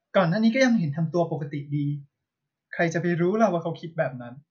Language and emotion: Thai, neutral